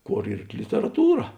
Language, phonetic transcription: Lithuanian, ˈkor ˈyr literaˈtūra

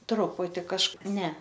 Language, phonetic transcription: Lithuanian, ˈtruputi kažˈkaip ne

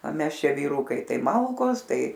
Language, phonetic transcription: Lithuanian, o ˈmes ˈšia vyˈrūkai ˈtai ˈmalkos ˈtai

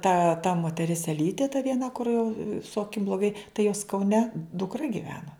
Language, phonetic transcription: Lithuanian, ta ta moteˈris eˈlytė ta vieˈna kur jau su aˈkim bloˈgai tai jos kauˈne dukˈra giˈvena

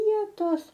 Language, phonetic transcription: Lithuanian, ˈvietos

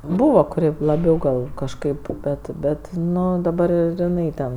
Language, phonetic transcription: Lithuanian, ˈbūvo kuˈri laˈbiau gal kažˈkaip ˈbet ˈbet ˈnu daˈbar ir iˈnai ˈten

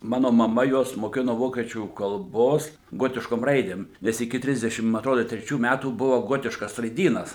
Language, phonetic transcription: Lithuanian, ˈmano maˈma ˈjuos moˈkino ˈvokiečių kalˈbos ˈgotiškom ˈraidėm ˈnes iki ˈtrisdešim ma atˈrodo treˈčių ˈmætų ˈbuvo ˈgotiškas raiˈdynas

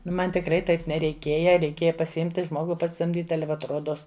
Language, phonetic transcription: Lithuanian, ˈnu ˈman tikˈrai ˈtaip nereiˈkėja reiˈkėja pasiˈimti ˈžmogu pasisamˈdyti ˈale vat ˈrodos

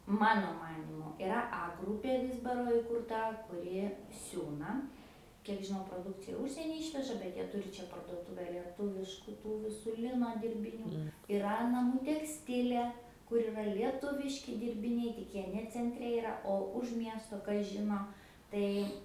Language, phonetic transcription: Lithuanian, ˈmano ˈmanymu iˈra a ˈgrūpė ˈvyzbaro ikūrˈta kuˈri ˈsiūna ˈkiek žiˈnau proˈdukcija ˈužsienį ˈišveža bet ˈjie ˈturi ˈčia parduoˈtūve lieˈtuvišku ˈtų viˈsų ˈlino dirbiˈnių iˈra naˈmų teksˈtilė kur iˈra lieˈtuviški dirbiˈniai tik ˈjie ne cenˈtre iˈra o už ˈmiesto ˈkas ˈžino ˈtai

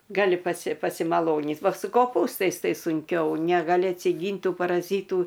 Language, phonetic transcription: Lithuanian, gaˈli ˈpasi pasimaˈlonyt ˈva su koˈpūstais ˈtai sunˈkiau negaˈli atsiˈgyn't' ˈtų paraˈzytų

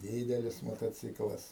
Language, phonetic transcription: Lithuanian, ˈdydelis motoˈciklas

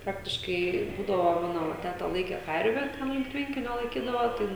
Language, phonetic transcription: Lithuanian, ˈpraktiškai ˈbūdavo ˈmano ˈva ˈteta ˈlaike ˈkarve ˈten link ˈtvenkinio laiˈkydavo ˈtai

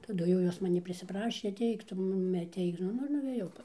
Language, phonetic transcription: Lithuanian, taˈdu jau ˈjos maˈnį prisiˈprašė aˈteik ˈtu ˈmumi aˈteik ˈnu ˈnu ir nuvėˈjau

